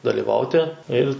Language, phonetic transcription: Lithuanian, dalyˈvauti il'

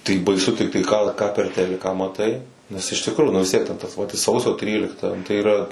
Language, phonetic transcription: Lithuanian, tai baiˈsu tikˈtai ką ˈką per ˈteliką maˈtai ˈnes iš tikˈrųju nu vis ˈtiek ten ˈtas ˈvat i ˈsausio ˈtrylikta tai yˈra

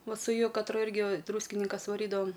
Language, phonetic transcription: Lithuanian, ˈva su ˈju katˈru ˈirgi ˈdrūskininkas vaˈrydavam

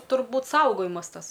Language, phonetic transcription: Lithuanian, turˈbūt ˈsaugojimas ˈtas

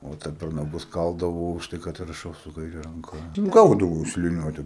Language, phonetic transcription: Lithuanian, o ˈta per naˈgus ˈkaldavo už ˈtai kad raˈšau su kaiˈre ranˈ ka ˈgaudavau su liˈniuote

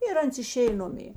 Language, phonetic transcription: Lithuanian, ir ˈans iˈšėj ˈnumė

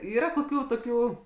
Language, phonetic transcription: Lithuanian, ˈyra koˈkių toˈkių

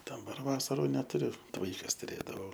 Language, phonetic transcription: Lithuanian, daˈbar ˈvasarų netuˈriu t ˈvaikas tuˈrėdavau

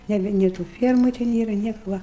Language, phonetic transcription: Lithuanian, ˈnebi nė tų ˈfiermu te ˈnėra ˈnieku va

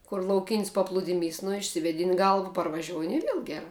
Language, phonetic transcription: Lithuanian, kur lauˈkin's' paˈpludimys nu išsivėˈdin' ˈgalva parvaˈžiouni i ˈviel geˈra

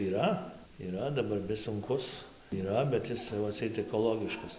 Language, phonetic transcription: Lithuanian, yˈra yˈra daˈbar vis sunˈkus yˈra bet ˈis tai va atˈseit ekoˈlogiškas

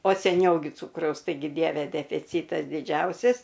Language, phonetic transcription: Lithuanian, o seˈniau gi ˈcūkraus taiˈgi ˈdieve defiˈcytas diˈdžiausis

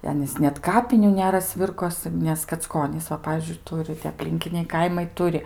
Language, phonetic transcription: Lithuanian, i ˈanys net kaˈpinių ˈnera ˈsvirkosɨ nes kacˈkonys ˈva ˈpavyzdžiui ˈturi tie apˈlinkiniai ˈkaimai ˈturi

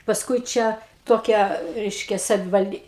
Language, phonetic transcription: Lithuanian, pasˈkui ˈčia toˈkia ˈreiškia savivalˈdy

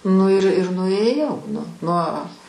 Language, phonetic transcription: Lithuanian, nu ir ir nuėˈjau nu nuo

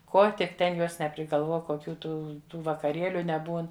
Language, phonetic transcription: Lithuanian, ˈko tik ˈten ˈjuos neprigalˈvuo koˈkių ˈtų vakaˈrėliu neˈbūn

